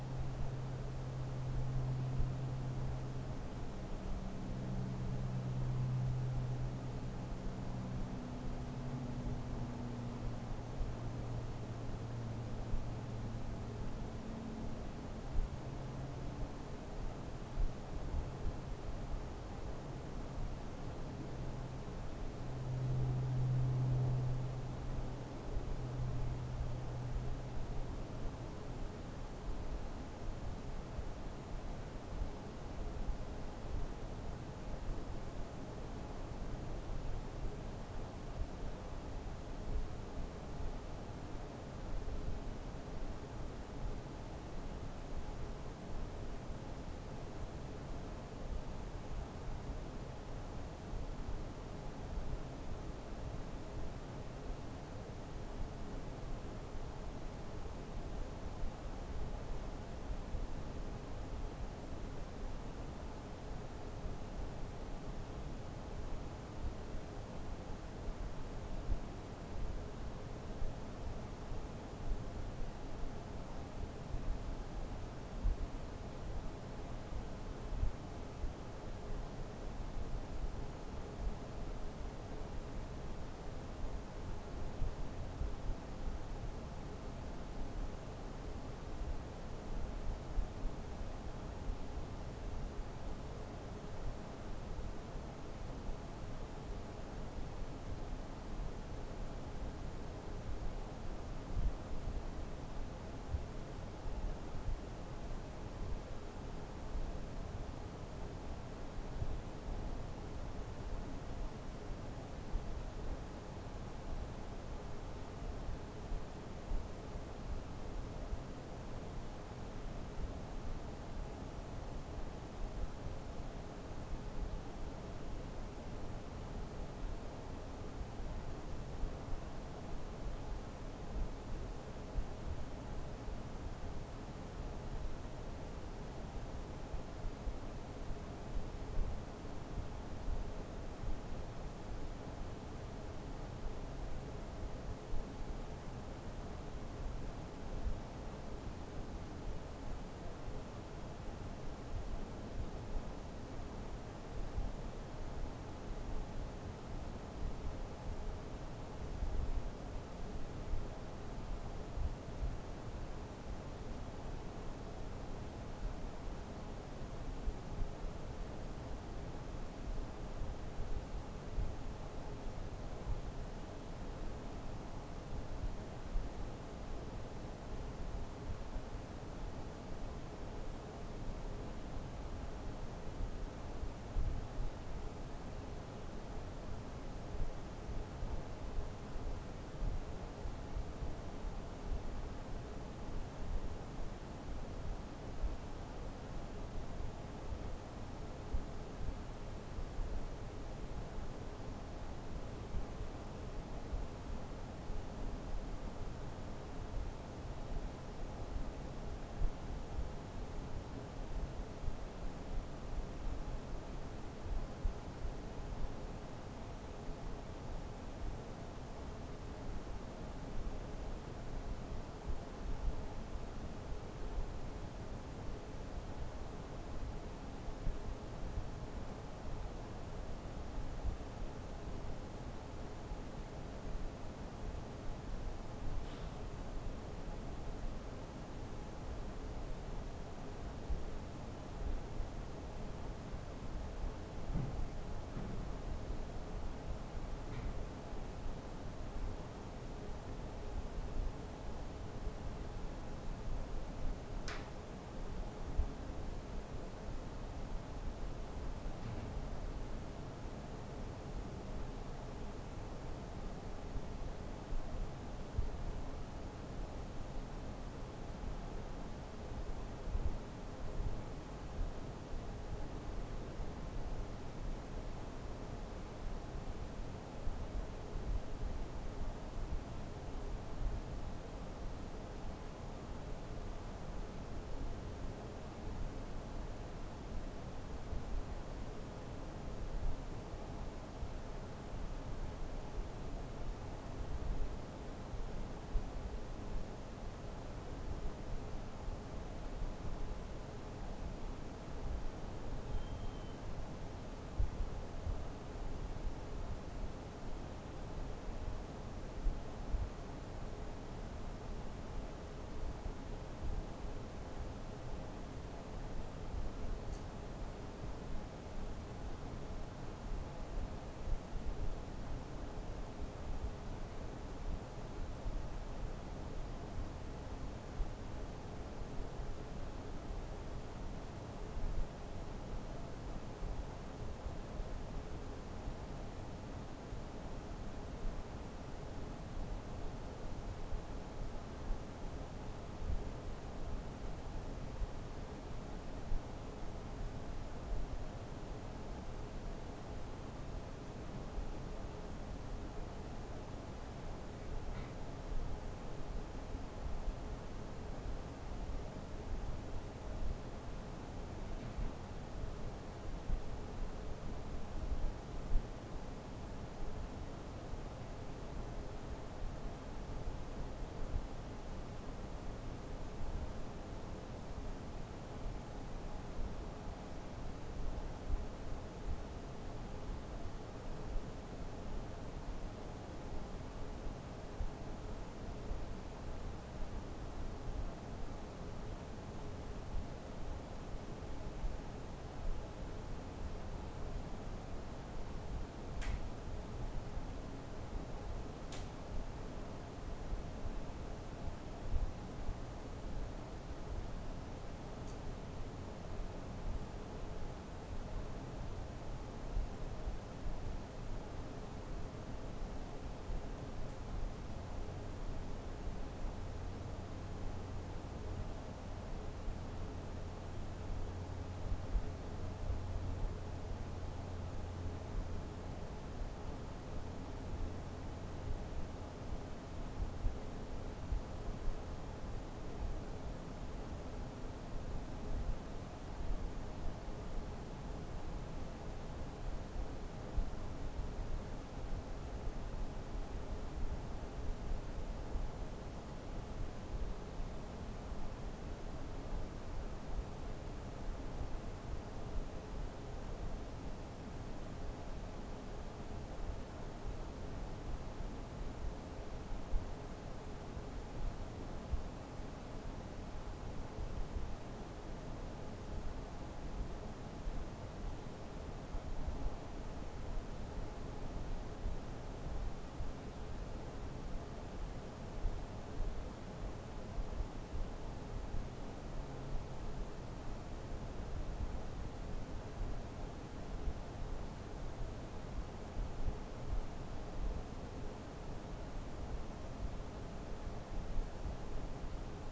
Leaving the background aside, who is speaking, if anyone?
No one.